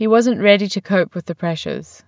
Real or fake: real